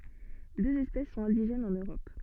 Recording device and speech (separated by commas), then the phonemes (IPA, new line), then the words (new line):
soft in-ear microphone, read sentence
døz ɛspɛs sɔ̃t ɛ̃diʒɛnz ɑ̃n øʁɔp
Deux espèces sont indigènes en Europe.